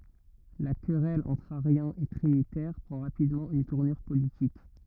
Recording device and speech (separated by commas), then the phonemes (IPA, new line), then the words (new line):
rigid in-ear microphone, read sentence
la kʁɛl ɑ̃tʁ aʁjɛ̃z e tʁinitɛʁ pʁɑ̃ ʁapidmɑ̃ yn tuʁnyʁ politik
La querelle entre ariens et trinitaires prend rapidement une tournure politique.